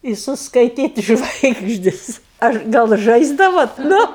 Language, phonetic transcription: Lithuanian, i suskaiˈtyt' ˈžvaigždis ˈaš gal ˈžaisdavot ˈnu

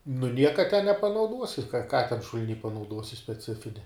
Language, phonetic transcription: Lithuanian, nu ˈnieka te nepanauˈduosi ka ka ten šul'ˈny panauˈduosi speˈcifinia

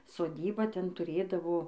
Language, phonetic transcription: Lithuanian, soˈdyba ˈten tuˈrėdavo

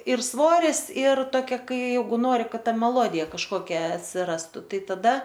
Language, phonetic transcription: Lithuanian, ir ˈsvoris ir toˈkia ˈkai ˈjeigu ˈnori ˈkad ˈta meˈlodija kažˈkokia atsiˈrastu ˈtai taˈda

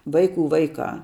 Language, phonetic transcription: Lithuanian, ˈvaiˌkų ˈvaiˌkā

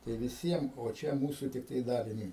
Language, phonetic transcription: Lithuanian, tai viˈsiem o ˈčia ˈmūsu tikˈtai ˈdaliniui

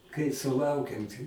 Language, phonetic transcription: Lithuanian, kai suˈlaukem ˈti

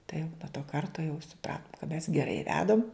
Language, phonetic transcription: Lithuanian, tai jau nuo to ˈkarto jau suˈpratum kad mes geˈrai ˈvedam

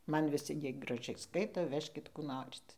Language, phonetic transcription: Lithuanian, ˈman viˈsi ˈjie graˈžiai ˈskaito ˈvežkit ˈkų ˈnorit

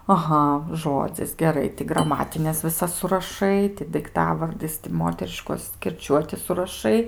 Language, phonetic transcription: Lithuanian, aˈha ˈžodzis geˈrai ti graˈmatines viˈsas suraˈšai ti daikˈtavardis ti ˈmoteriškos kirˈčiuoti suraˈšai

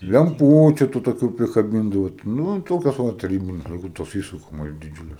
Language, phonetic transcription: Lithuanian, lemˈpūčiu tu toˈkių prikaˈbindavo ˈnū ˈtokios ˈva taˈrybiniu laiˈkų tos ˈįsukamos diˈdžiūlės

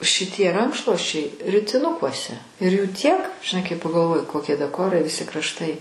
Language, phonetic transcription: Lithuanian, šiˈtie ˈrankšluosčiai ritiˈnukuose ir jų ˈtiek žiˈnai kai pagalˈvoju koˈkie daˈkorai viˈsi krašˈtai

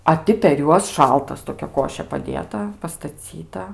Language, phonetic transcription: Lithuanian, a ˈti per ˈjuos ˈšaltas toˈkia ˈkošė paˈdėta pastaˈcyta

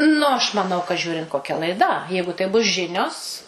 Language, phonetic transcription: Lithuanian, nu aš maˈnau ka ˈžiūrint koˈkia laiˈda ˈjeigu tai bus ˈžinios

